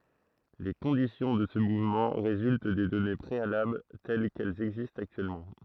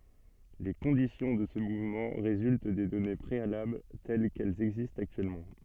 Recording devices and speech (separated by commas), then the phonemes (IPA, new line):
throat microphone, soft in-ear microphone, read sentence
le kɔ̃disjɔ̃ də sə muvmɑ̃ ʁezylt de dɔne pʁealabl tɛl kɛlz ɛɡzistt aktyɛlmɑ̃